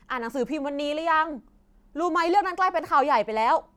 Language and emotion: Thai, happy